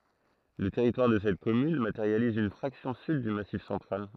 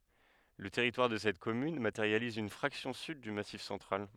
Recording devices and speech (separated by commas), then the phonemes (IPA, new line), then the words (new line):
throat microphone, headset microphone, read sentence
lə tɛʁitwaʁ də sɛt kɔmyn mateʁjaliz yn fʁaksjɔ̃ syd dy masif sɑ̃tʁal
Le territoire de cette commune matérialise une fraction sud du Massif central.